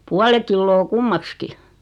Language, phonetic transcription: Finnish, 'puale killoo 'kummakski .
- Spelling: puoli kiloa kummaksikin

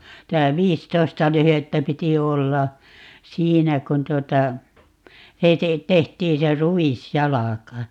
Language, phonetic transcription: Finnish, tä "viistoista 'lyhettä 'piti "olla , "siinä kun 'tuota , (se) te- , 'tehtiin̬ se "ruwis"jalaka .
- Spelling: että viisitoista lyhdettä piti olla siinä kun tuota se - tehtiin se ruisjalka

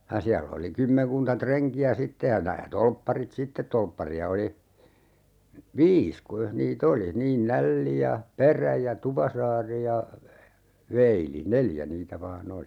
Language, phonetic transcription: Finnish, (j)a 'siäll ‿oli 'kymmeŋkunta 'treŋki₍ä "sitte ja 'nää 'tolpparit "sitteᵗ 'tolppari₍a oli , "viis 'kuijah nii"t ‿oli , 'niin "Nälli ja , "Perä ja "Tupasaari ja , 'Veili "neljä 'niitä 'vaa"n ‿oli .
- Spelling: ja siellä oli kymmenkunta renkiä sitten ja nämä torpparit sitten torppareita oli viisi kuinkas niitä oli niin Nälli ja Perä ja Tupasaari ja Veili neljä niitä vain oli

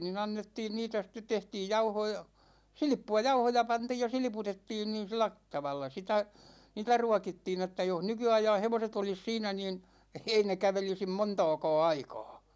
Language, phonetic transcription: Finnish, ni'n ‿annettiin 'niitä sⁱt̆tet 'tehtiij 'jauhoo (ja) , "silⁱppu₍a , "jauhoja 'pantiij ja "silⁱputettiin niin̬ 'silä t- , tavalla sitä , niitä 'ruakittiin ‿että joh 'nyky₍aijaa̰ 'hevoset ‿olis 'siinä niin , 'ei ne 'kävelisim "montååkåå 'aikåå .
- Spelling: niin annettiin niitä sitten tehtiin jauhoa ja silppua jauhoja pantiin ja silputettiin niin sillä - tavalla sitä niitä ruokittiin että jos nykyajan hevoset olisi siinä niin ei ne kävelisi montaakaan aikaa

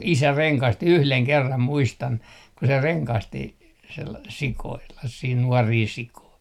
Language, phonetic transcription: Finnish, 'isä "reŋkasti "yhleŋ 'kerram "muistan , ku se 'reŋkasti sel- , sikoillah 'siin 'nuɔrii sikoi .
- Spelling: isä rengasti yhden kerran muistan kun se rengasti - sioilla siinä nuoria sikoja

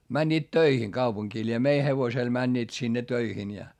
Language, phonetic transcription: Finnish, mäńńiit töihiŋ kaupuŋkii ĺie mei hevosel mäńńiit sinne töihin ja .
- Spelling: menivät töihin kaupunkiin lie meidän hevosella menivät sinne töihin ja

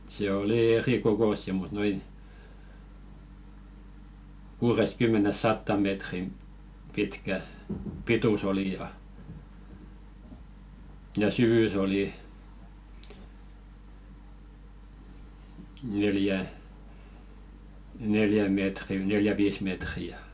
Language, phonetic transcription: Finnish, se 'oli "erikokossi mut 'noin , 'kuuresᵗ"kymme-nes 'sattàm̆ metrim , 'pitkä , "pitu's ‿oli ja , ja "syvy's ‿oli , neljä , 'neljä 'mètri neljä "viis metri ja .
- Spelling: se oli erikokoisia mutta noin kuudestakymmenestä sataan metriin pitkä pituus oli ja ja syvyys oli neljä neljä metriä neljä viisi metriä ja

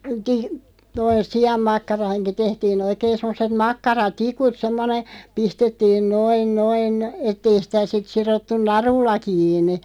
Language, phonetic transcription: Finnish, ti- , toi- "si₍ammakkaraaŋki 'tehtii'n ‿oikeen̬ 'semmoset 'makkara"tikut 'semmone , 'pistettiin 'noin 'noin , et̆'t ‿ei sⁱtä sit 'sirottun "narulla 'kiiǹi .
- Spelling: - - sianmakkaraankin tehtiin oikein semmoiset makkaratikut semmoinen pistettiin noin noin että ei sitä sitten sidottu narulla kiinni

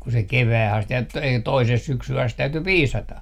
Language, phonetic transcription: Finnish, ku se "kevää'h ‿ast et - t - 'toiseh 'syksyh ‿ast 'täyty "piisata .
- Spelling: kun se kevääseen asti - - toiseen syksyyn asti täytyi piisata

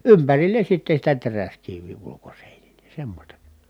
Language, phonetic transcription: Finnish, ympärillen̬ sitte sitä teräskivvì ulukosèinile semmośta .
- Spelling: ympärille sitten sitä teräskiveä ulkoseinille semmoista

